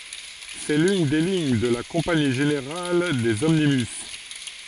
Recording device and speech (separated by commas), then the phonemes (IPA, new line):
forehead accelerometer, read sentence
sɛ lyn de liɲ də la kɔ̃pani ʒeneʁal dez ɔmnibys